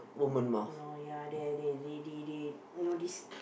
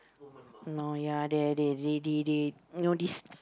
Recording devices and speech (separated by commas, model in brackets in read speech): boundary microphone, close-talking microphone, conversation in the same room